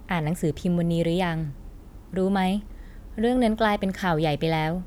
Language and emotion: Thai, neutral